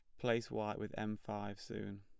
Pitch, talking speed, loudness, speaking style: 105 Hz, 200 wpm, -42 LUFS, plain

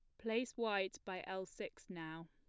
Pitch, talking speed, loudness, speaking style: 190 Hz, 175 wpm, -43 LUFS, plain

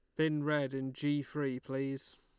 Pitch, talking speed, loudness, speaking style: 140 Hz, 180 wpm, -36 LUFS, Lombard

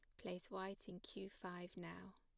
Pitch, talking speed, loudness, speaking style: 185 Hz, 180 wpm, -52 LUFS, plain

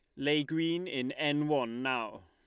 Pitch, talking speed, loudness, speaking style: 145 Hz, 175 wpm, -32 LUFS, Lombard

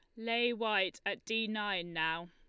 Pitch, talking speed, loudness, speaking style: 215 Hz, 170 wpm, -34 LUFS, Lombard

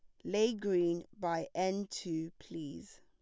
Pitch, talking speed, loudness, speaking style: 175 Hz, 130 wpm, -36 LUFS, plain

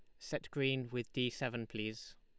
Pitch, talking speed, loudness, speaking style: 125 Hz, 180 wpm, -39 LUFS, Lombard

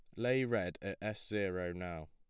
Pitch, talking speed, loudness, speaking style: 95 Hz, 190 wpm, -38 LUFS, plain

